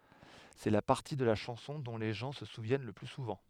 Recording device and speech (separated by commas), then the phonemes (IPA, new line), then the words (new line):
headset microphone, read sentence
sɛ la paʁti də la ʃɑ̃sɔ̃ dɔ̃ le ʒɑ̃ sə suvjɛn lə ply suvɑ̃
C’est la partie de la chanson dont les gens se souviennent le plus souvent.